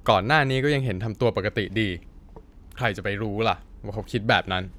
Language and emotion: Thai, frustrated